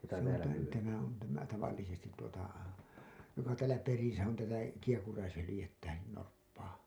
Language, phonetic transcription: Finnish, se ‿on tä- , tämä on tämä 'tavallisestit tuota , joka täälä 'perisä on tätä , 'kiehkuraishylĭjettä , 'norppaa .
- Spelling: se on - tämä on tämä tavallisesti tuota joka täällä perässä on tätä kiehkuraishyljettä norppaa

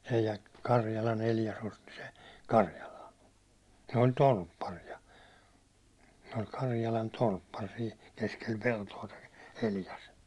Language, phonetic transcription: Finnish, Elia- , "Karjalan 'Eljas osti se , 'Karjalan̬ , ne oĺ "tolppari₍a , se oĺ 'Karjalan 'tolppar sii , 'keskel 'pelto₍a (toi) , 'Eljas .
- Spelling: - Karjalan Eljas osti se Karjalan ne oli torpparia se oli Karjalan torppari siinä keskellä peltoa tuo Eljas

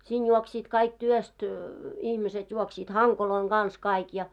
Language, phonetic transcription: Finnish, 'siin 'juoksiit kaik työst , 'ihmiset 'juoksiit "haŋkoloiŋ 'ɢans kaik ja .
- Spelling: siinä juoksivat kaikki työstä ihmiset juoksivat hankojen kanssa kaikki ja

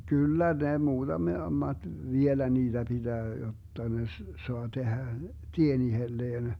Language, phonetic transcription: Finnish, 'kyllä ne 'muuDame- , -maD , 'vielä 'niiDä 'BiDää jotta ne s- , 'soa 'tehä , "tien ihelleen .
- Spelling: kyllä ne - muutamat vielä niitä pitää jotta ne - saa tehdä tien itselleen

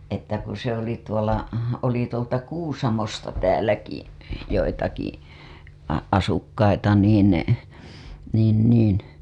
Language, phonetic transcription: Finnish, että ku se ‿oli tuola , oli tuolta 'Kuusamosta tääläki , joitaki , a- , asukkaita niin , niin , niin .
- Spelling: että kun se oli tuolla oli tuolta Kuusamosta täälläkin joitakin - asukkaita niin niin niin

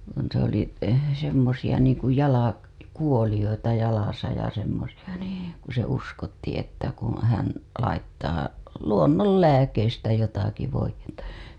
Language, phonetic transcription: Finnish, kun̬ se ‿oli , semmosija niiŋku jala- , kuoliʲoita jalasa ja semmosija NII , ku ‿ se uskotti että kuṵ hän , laittaa , "luonnollääkeistä 'jotaki voij̆jettA .
- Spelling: kun se oli semmoisia niin kuin - jalkakuolioita jalassa ja semmoisia niin kun - se uskottiin että kun hän laittaa luonnonlääkkeistä jotakin voidetta

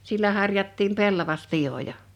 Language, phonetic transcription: Finnish, 'sillä 'harjattiim 'pellavas'piʲoja .
- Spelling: sillä harjattiin pellavaspivoja

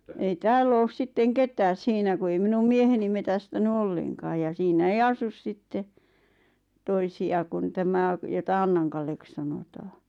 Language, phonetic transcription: Finnish, ei "tääll ‿oos sitteŋ 'ket̀ääs 'siinä ku ei 'minum "mieheni metästäny 'ollenkaaj ja siinä 'ei 'asus sitte , 'toisi₍a kun 'tämä , jota 'ᴀnnaŋkallek sanotaa .
- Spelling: ei täällä ole sitten ketään siinä kun ei minun mieheni metsästänyt ollenkaan ja siinä ei asu sitten toisia kuin tämä jota Annan Kalleksi sanotaan

